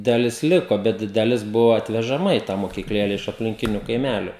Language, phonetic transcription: Lithuanian, daˈlis ˈliko bet daˈlis ˈbuvo atvežaˈma į tą mokykˈlėle iš aplinˈkiniu kaiˈmæliu

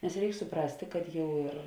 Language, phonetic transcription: Lithuanian, nes ˈreik suˈprastė kad ˈjau ir

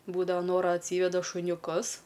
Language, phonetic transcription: Lithuanian, ˈbūdava ˈnora atˈsyveda šuniuˈkus

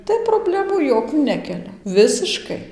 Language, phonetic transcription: Lithuanian, ˈtai proˈblemų ˈjokių ˈnekelia ˈvisiškai

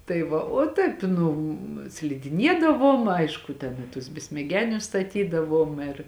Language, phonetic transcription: Lithuanian, tai ˈva o ˈtaip ˈnu slidiˈniedavom ˈaišku ten i tus besmeˈgenius staˈtydavom ir

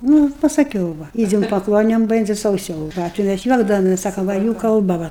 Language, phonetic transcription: Lithuanian, ˈnu pasaˈkiau ˈva ˈidzem paˈkloniom ˈbendzi sauˈsau ˈva tai ˈmæs ˈjuokdavomes ˈsakom ˈva jų kalˈba ˈva

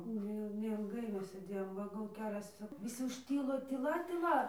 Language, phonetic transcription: Lithuanian, ˈneil neilˈgai ˈmes sėˈdėjom ˈva gal ˈkelias viˈsi užˈtylo tyˈla tyˈla

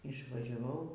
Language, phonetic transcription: Lithuanian, išvažiaˈvau

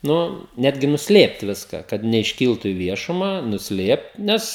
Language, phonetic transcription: Lithuanian, ˈnu ˈnetgi nusˈlėpt ˈviska kad neišˈkyltu i ˈviešuma nusˈlėpt ˈnes

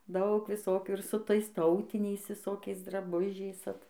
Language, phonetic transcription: Lithuanian, ˈdaug viˈsokių ir su ˈtais ˈtautiniais viˈsokiais draˈbužiais ˈat

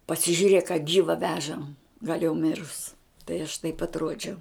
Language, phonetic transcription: Lithuanian, pasižiuˈrėk a ˈgyva ˈvežam gal' jau ˈmirus tai aš taip atˈruodžiau

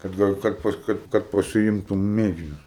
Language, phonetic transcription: Lithuanian, kad ˈgal' kad ˈpas ˈkad kad pasiˈimtum ˈmėginius

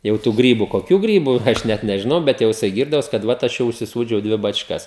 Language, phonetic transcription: Lithuanian, ˈjau tų ˈgrybu koˈkių ˈgrybu ˈaš net nežiˈnau ˈbet jau jiˈsai ˈgyrdavos kad ˈvat ˈaš jau užsiˈsūdžiau ˈdvi bačˈkas

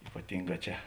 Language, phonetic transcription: Lithuanian, ypaˈtinˌgā ˈčia

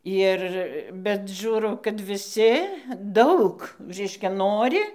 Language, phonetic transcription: Lithuanian, ˈir bet ˈžiūrau kad viˈsi ˈdaug ˈreiškia ˈnori

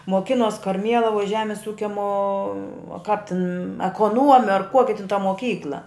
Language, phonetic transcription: Lithuanian, moˈkinos karˈmielavuj ˈžemis ˈūkia mo o kap tin ekoˈnuome ar ˈkuoki tin ta moˈkykla

